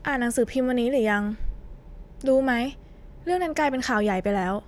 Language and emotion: Thai, neutral